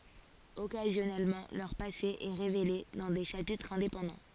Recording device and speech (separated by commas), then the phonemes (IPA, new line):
forehead accelerometer, read sentence
ɔkazjɔnɛlmɑ̃ lœʁ pase ɛ ʁevele dɑ̃ de ʃapitʁz ɛ̃depɑ̃dɑ̃